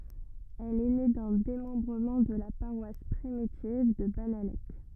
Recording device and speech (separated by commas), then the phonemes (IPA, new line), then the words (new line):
rigid in-ear microphone, read sentence
ɛl ɛ ne dœ̃ demɑ̃bʁəmɑ̃ də la paʁwas pʁimitiv də banalɛk
Elle est née d'un démembrement de la paroisse primitive de Bannalec.